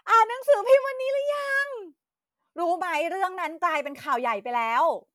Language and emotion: Thai, happy